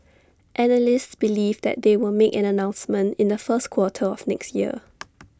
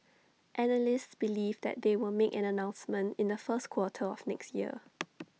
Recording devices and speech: standing microphone (AKG C214), mobile phone (iPhone 6), read sentence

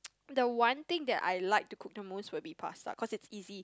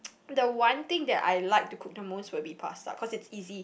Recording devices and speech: close-talking microphone, boundary microphone, conversation in the same room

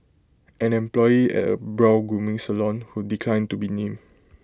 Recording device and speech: close-talking microphone (WH20), read sentence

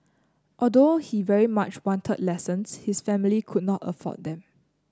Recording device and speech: close-talking microphone (WH30), read sentence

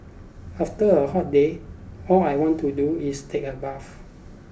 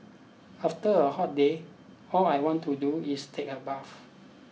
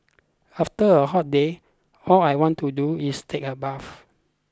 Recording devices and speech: boundary microphone (BM630), mobile phone (iPhone 6), close-talking microphone (WH20), read sentence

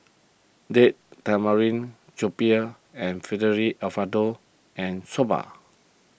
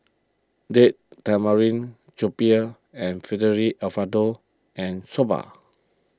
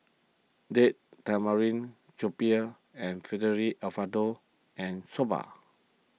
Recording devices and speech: boundary microphone (BM630), close-talking microphone (WH20), mobile phone (iPhone 6), read sentence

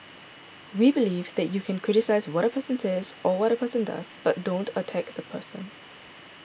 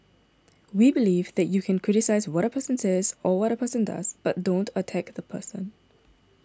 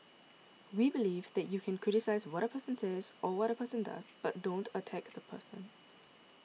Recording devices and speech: boundary microphone (BM630), standing microphone (AKG C214), mobile phone (iPhone 6), read sentence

